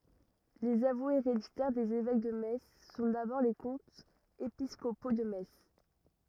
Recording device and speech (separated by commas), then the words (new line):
rigid in-ear microphone, read sentence
Les avoués héréditaires des évêques de Metz sont d’abord les comtes épiscopaux de Metz.